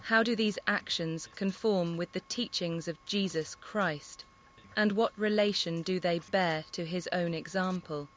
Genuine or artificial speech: artificial